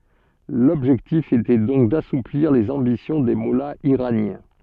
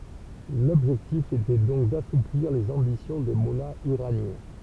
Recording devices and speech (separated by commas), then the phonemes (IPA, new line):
soft in-ear microphone, temple vibration pickup, read sentence
lɔbʒɛktif etɛ dɔ̃k dasupliʁ lez ɑ̃bisjɔ̃ de mɔlaz iʁanjɛ̃